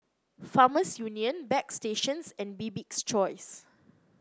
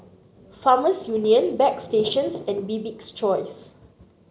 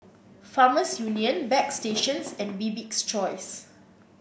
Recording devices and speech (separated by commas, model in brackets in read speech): close-talking microphone (WH30), mobile phone (Samsung C9), boundary microphone (BM630), read sentence